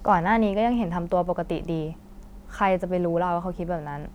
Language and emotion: Thai, frustrated